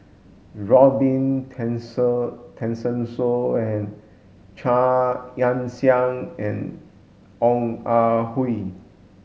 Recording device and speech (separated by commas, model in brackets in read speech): mobile phone (Samsung S8), read sentence